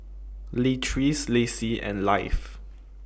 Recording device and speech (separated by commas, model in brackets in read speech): boundary microphone (BM630), read sentence